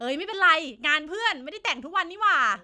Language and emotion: Thai, happy